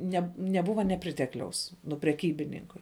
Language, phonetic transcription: Lithuanian, ˈne neˈbuva neˈpritekliaus nu preˈkybininkui

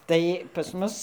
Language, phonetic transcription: Lithuanian, ˈtai pas ˈmus

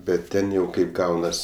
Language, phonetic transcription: Lithuanian, bet ˈten jau ˈkaip ˈgaunas

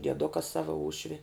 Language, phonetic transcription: Lithuanian, dieˈduka ˈsava ˈūšvi

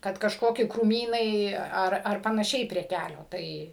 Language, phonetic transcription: Lithuanian, ˈkad kažˈkoki krūˈmynai ˈar ar panaˈšiai prie ˈkælio ˈtai

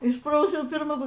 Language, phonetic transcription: Lithuanian, ˈišprausiau pirˈma

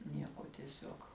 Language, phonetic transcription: Lithuanian, ˈnieko tieˈsiuog

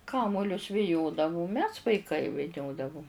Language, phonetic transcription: Lithuanian, ˈkamolius viˈjodavum mes vaiˈkai viˈniodavum

